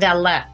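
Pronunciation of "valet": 'Valet' is pronounced incorrectly here: the t is sounded, but it should be silent.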